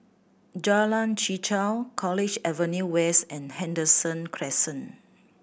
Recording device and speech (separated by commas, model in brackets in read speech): boundary microphone (BM630), read sentence